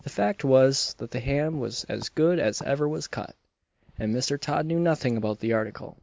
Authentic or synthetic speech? authentic